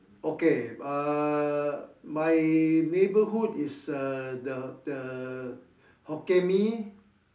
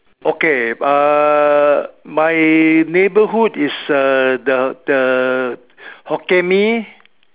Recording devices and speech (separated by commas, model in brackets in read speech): standing microphone, telephone, conversation in separate rooms